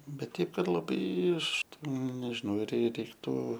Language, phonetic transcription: Lithuanian, ˈbet ˈteip ˈkad laˈbai ˈaš ˈten nežiˈnau ir rei reikˈtų

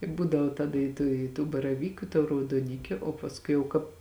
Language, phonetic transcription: Lithuanian, i ˈbūdavo ˈtada i ˈtų i tų baraˈvyku i tų raudoˈnikiu o pasˈkui jau ˈkāp

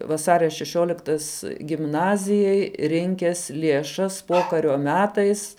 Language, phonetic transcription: Lithuanian, vaˈsaria šeˈšiuoliktas gimˈnazijai ˈrinkes lieˈšas ˈpokario ˈmetais

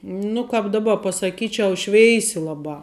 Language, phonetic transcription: Lithuanian, ˈnu kap daˈba pasaˈkyčiau ˈšveisi ˈlabā

